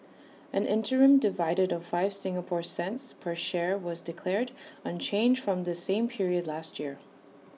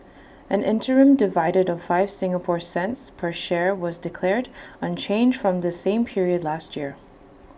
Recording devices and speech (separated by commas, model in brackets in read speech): mobile phone (iPhone 6), boundary microphone (BM630), read sentence